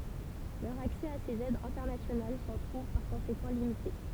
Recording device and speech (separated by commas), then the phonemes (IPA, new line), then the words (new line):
temple vibration pickup, read sentence
lœʁ aksɛ a sez ɛdz ɛ̃tɛʁnasjonal sɑ̃ tʁuv paʁ kɔ̃sekɑ̃ limite
Leur accès à ces aides internationales s'en trouve par conséquent limité.